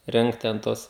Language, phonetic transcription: Lithuanian, ˈrengt ten ˈtuos

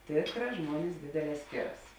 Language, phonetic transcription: Lithuanian, ˈtėkˌrā ˈžmuonis ˈdėdėˌlē ˈskėˌras

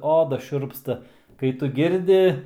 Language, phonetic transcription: Lithuanian, ˈoda ˈšiurpsta kai ˈtu ˈgirdi

